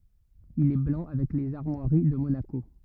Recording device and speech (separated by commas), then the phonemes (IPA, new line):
rigid in-ear microphone, read sentence
il ɛ blɑ̃ avɛk lez aʁmwaʁi də monako